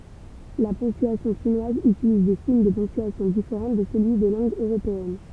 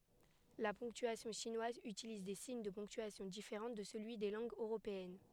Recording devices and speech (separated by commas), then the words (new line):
temple vibration pickup, headset microphone, read sentence
La ponctuation chinoise utilise des signes de ponctuation différents de celui des langues européennes.